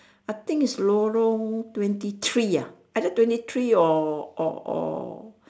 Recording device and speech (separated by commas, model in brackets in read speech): standing microphone, conversation in separate rooms